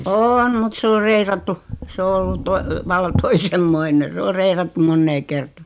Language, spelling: Finnish, on on mutta se on reilattu se on ollut vallan toisenlainen se on reilattu moneen kertaan
- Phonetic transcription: o , "oon̳ mut 's ‿or "reirattu , 's ‿o 'ollut 'tovalla 'toisem'moine 's ‿o 'reirattum "monnee 'kerta .

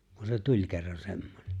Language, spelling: Finnish, kun se tuli kerran semmoinen
- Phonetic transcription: kun se "tuĺ kerran 'semmońe .

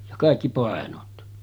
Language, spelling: Finnish, ja kaikki painot
- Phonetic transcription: ja 'kàikki 'pàenot .

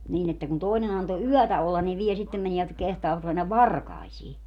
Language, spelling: Finnish, niin että kun toinen antoi yötä olla niin vielä sitten menivät ja kehtaavat mennä varkaisiin
- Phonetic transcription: niin ‿että kun 'tòinen ‿anto "yɔ̈̀tä ollan ni 'viɛ sittem meni₍ät ja 'kehtaavat mennäv "varkaisii !

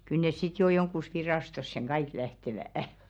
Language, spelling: Finnish, kyllä ne sitten jo johonkin virastoon kaikki lähtevät
- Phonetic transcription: kyl nes 'sit jo "joŋkkus 'viràstosseŋ "ɢaik lähtevä̀₍ah .

